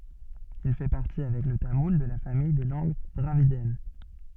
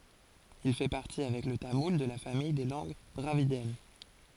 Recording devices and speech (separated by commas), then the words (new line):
soft in-ear microphone, forehead accelerometer, read sentence
Il fait partie, avec le tamoul, de la famille des langues dravidiennes.